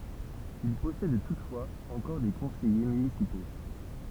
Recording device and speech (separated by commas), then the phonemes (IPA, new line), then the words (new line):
temple vibration pickup, read sentence
il pɔsɛd tutfwaz ɑ̃kɔʁ de kɔ̃sɛje mynisipo
Il possède toutefois encore des conseillers municipaux.